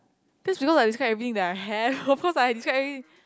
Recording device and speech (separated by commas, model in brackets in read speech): close-talking microphone, conversation in the same room